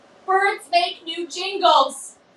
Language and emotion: English, sad